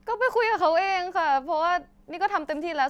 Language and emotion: Thai, frustrated